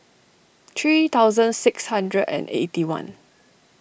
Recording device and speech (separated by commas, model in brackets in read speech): boundary microphone (BM630), read sentence